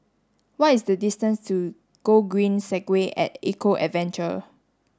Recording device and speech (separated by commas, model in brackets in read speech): standing microphone (AKG C214), read sentence